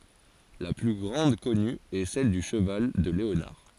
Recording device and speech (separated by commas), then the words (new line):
forehead accelerometer, read sentence
La plus grande connue est celle du cheval de Léonard.